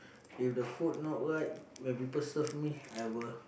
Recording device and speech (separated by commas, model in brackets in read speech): boundary microphone, conversation in the same room